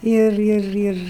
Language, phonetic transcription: Lithuanian, ˈir ˈir ˈir

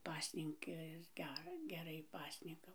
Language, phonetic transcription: Lithuanian, ˈpasninkas ˈger geˈrai ˈpasninkau

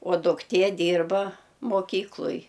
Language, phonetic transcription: Lithuanian, o dukˈtie ˈdyrba moˈkykloj

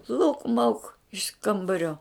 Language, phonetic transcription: Lithuanian, lauk mauk iš ˈkambario

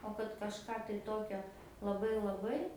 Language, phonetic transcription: Lithuanian, o kad kažˈką tai ˈtokio laˈbai laˈbai

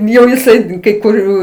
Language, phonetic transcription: Lithuanian, jau jiˈsai kai kuˈrių

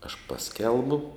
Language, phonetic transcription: Lithuanian, aš ˈpaskelbu

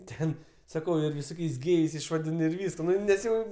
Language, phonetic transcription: Lithuanian, ˈten saˈkau ir viˈsokiais ˈgėjais išvaˈdin ir ˈvyska ˈnu nes ˈjau

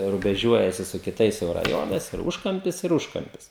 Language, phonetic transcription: Lithuanian, rubeˈžiuojasi su kiˈtais jau raˈjonais ir ˈūžkampis ir ˈūžkampis

